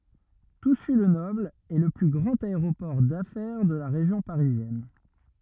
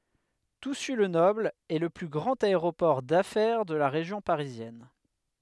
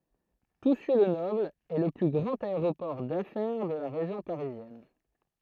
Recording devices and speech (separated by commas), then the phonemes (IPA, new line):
rigid in-ear microphone, headset microphone, throat microphone, read sentence
tusy lə nɔbl ɛ lə ply ɡʁɑ̃t aeʁopɔʁ dafɛʁ də la ʁeʒjɔ̃ paʁizjɛn